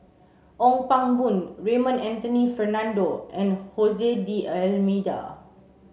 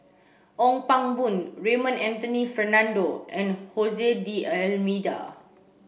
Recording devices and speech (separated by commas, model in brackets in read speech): mobile phone (Samsung C7), boundary microphone (BM630), read sentence